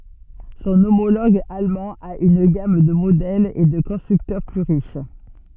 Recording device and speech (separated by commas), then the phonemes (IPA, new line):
soft in-ear microphone, read sentence
sɔ̃ omoloɡ almɑ̃ a yn ɡam də modɛlz e də kɔ̃stʁyktœʁ ply ʁiʃ